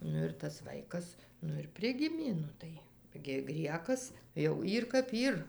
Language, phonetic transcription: Lithuanian, ˈnu ir tas ˈvaikas ˈnu ir ˈprigimė ˈnu tai gi ˈgriekas jau ˈyr kap ˈyr

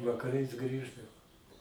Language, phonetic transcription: Lithuanian, vakaˈrais ˈgrįždavo

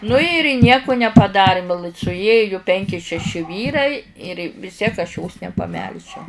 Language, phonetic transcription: Lithuanian, nu ir ˈnieku nepaˈdarim suˈėju ˈpenki šeˈši ˈvyrai ir vis ˈtiek aš jos nepaˈmelžiau

